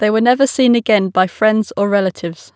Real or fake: real